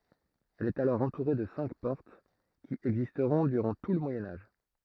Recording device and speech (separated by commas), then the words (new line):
throat microphone, read sentence
Elle est alors entourée de cinq portes, qui existeront durant tout le Moyen Âge.